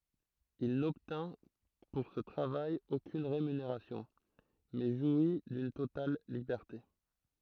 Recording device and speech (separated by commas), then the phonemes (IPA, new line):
throat microphone, read sentence
il nɔbtɛ̃ puʁ sə tʁavaj okyn ʁemyneʁasjɔ̃ mɛ ʒwi dyn total libɛʁte